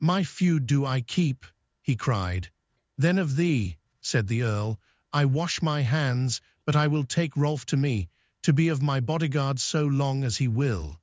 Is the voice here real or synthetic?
synthetic